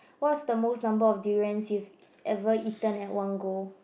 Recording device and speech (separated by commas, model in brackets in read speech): boundary microphone, conversation in the same room